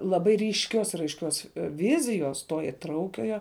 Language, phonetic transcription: Lithuanian, laˈbai ryšˈkios ir aišˈkios ˈvizijos to iˈtraukiojo

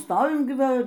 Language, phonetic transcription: Lithuanian, ˈstovim ˈgi ˈva

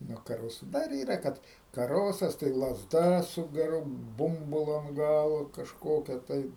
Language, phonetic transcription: Lithuanian, nuo kaˈrosu ˈdar ˈyra ˈkad kaˈrosas tai lazˈda su geˈru ˈbumbulu ant ˈgalo kažˈkokia tai

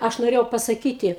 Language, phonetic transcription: Lithuanian, ˈaš noˈrėjau pasaˈkyti

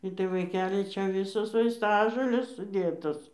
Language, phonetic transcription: Lithuanian, ˈitai vaiˈkeli ˈčia ˈvisos vaisˈtažolės suˈdėtos

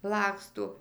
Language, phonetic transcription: Lithuanian, ˈlaksto

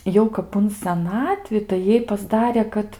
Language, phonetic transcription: Lithuanian, ˈjau kap un seˈnatvi tai ˈjai pasˈdarė ˈkad

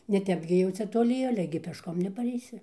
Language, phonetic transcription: Lithuanian, neˈtep gi jau ˈcia toˈli ˈale gi pešˈkom nepareiˈsi

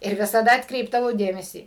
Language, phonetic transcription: Lithuanian, ir visaˈda atkˈreipdavau ˈdėmesį

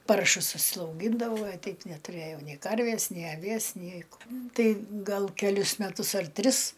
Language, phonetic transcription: Lithuanian, ˈparšus užsiauˈgyndavau a ˈteip neˈturɘjau nei ˈkarvės nei aˈvies ˈnei k ˈtai ˈgal keˈlius meˈtus ar ˈtris

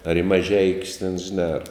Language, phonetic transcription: Lithuanian, ar i maˈžeikius ten žiˈnā ar

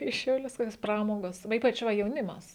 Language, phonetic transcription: Lithuanian, į šiauˈlius ˈkokios ˈpramogos va ˈypač ˈva jauˈnimas

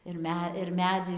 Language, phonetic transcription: Lithuanian, ir ˈme ir ˈmedzai

